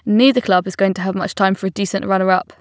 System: none